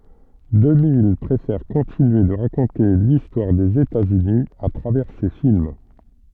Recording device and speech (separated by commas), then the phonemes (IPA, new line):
soft in-ear microphone, read sentence
dəmij pʁefɛʁ kɔ̃tinye də ʁakɔ̃te listwaʁ dez etaz yni a tʁavɛʁ se film